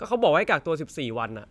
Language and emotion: Thai, angry